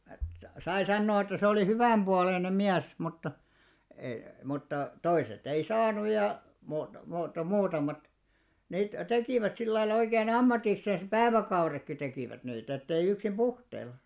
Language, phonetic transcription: Finnish, 'sai 'sannoo että 'se olì "hyvä̀mʙualeinem̆ 'miäs mutta , e- mutta , 'toiset ‿ei 'saanuj ja , muuto- muuto- 'muutamat , niit 'tekìvät 'sil lailla oikeen "ammatiksens "pääväkaurekki 'tekìvät niitä ettei 'yksim "ʙuhteilla .
- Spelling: sai sanoa että se oli hyvänpuoleinen mies mutta - mutta toiset ei saanut ja - - muutamat niitä tekivät sillä lailla oikein ammatiksensa päiväkaudetkin tekivät niitä että ei yksin puhteilla

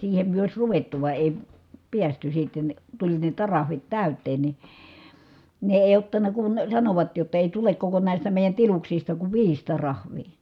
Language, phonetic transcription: Finnish, siihem myö òi̮s ruvettu vài̮ èi , piästy sitten , tuĺ ne tarahvit tä̀yt̀een ni , ne èi̮ ottan̆na kun , sanovat jotta èi tulek koko nä̀istä mèi̮jän tiluksista kuv viis tarahv̀ii .
- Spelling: siihen me olisi ruvettu vai ei päästy sitten tuli ne tariffit täyteen niin ne ei ottanut kun sanoivat jotta ei tule koko näistä meidän tiluksista kuin viisi tariffia

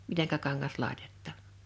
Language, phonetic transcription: Finnish, 'miteŋkä 'kaŋŋas 'làḙtᴇt̆tà .
- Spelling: miten kangas laitetaan

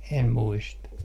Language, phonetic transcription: Finnish, 'em 'muista .
- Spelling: en muista

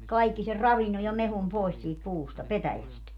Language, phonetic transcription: Finnish, 'kaikki ser "ravinnoj̆ ja 'mehum 'pòis siit 'puusta "petäjäst .
- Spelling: kaikki sen ravinnon ja mehun pois siitä puusta petäjästä

